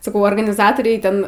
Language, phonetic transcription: Lithuanian, saˈkau organiˈzatoriai ˈten

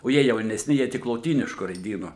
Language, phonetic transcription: Lithuanian, o ˈjie jaunesˈni ˈjie ˈtik loˈtynišku raiˈdynu

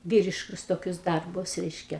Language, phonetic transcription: Lithuanian, ˈvyriškus toˈkius ˈdarbus ˈreiškia

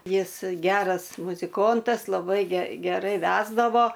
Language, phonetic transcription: Lithuanian, ˈjis ˈgeras muziˈkontas laˈbai ge geˈrai ˈvesdavo

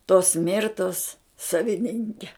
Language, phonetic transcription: Lithuanian, tos ˈmirtos saviˈninke

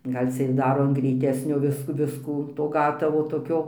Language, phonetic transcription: Lithuanian, ˈgal' cia ir ˈdaro an greiˈtesnio ˈvis ˈviskų to ˈgatavo toˈkio

